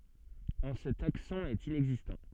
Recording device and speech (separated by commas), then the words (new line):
soft in-ear microphone, read sentence
En ce taxon est inexistant.